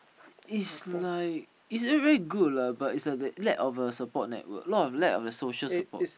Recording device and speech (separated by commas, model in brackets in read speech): boundary microphone, conversation in the same room